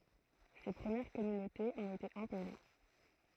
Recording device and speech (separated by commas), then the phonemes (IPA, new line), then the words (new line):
throat microphone, read sentence
se pʁəmjɛʁ kɔmynotez ɔ̃t ete ɛ̃poze
Ces premières communautés ont été imposées.